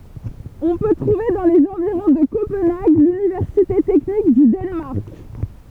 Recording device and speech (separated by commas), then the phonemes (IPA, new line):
temple vibration pickup, read sentence
ɔ̃ pø tʁuve dɑ̃ lez ɑ̃viʁɔ̃ də kopɑ̃naɡ lynivɛʁsite tɛknik dy danmaʁk